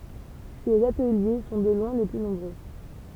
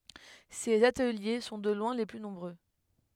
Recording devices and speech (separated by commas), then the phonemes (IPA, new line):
temple vibration pickup, headset microphone, read sentence
sez atəlje sɔ̃ də lwɛ̃ le ply nɔ̃bʁø